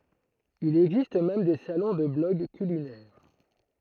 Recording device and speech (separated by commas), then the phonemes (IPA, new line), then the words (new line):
throat microphone, read sentence
il ɛɡzist mɛm de salɔ̃ də blɔɡ kylinɛʁ
Il existe même des salons de blogs culinaires.